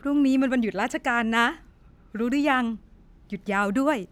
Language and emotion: Thai, happy